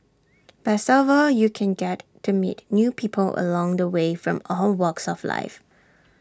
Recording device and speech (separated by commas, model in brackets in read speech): standing microphone (AKG C214), read sentence